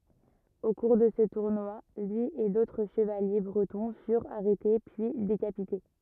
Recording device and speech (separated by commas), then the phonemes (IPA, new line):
rigid in-ear microphone, read sentence
o kuʁ də sə tuʁnwa lyi e dotʁ ʃəvalje bʁətɔ̃ fyʁt aʁɛte pyi dekapite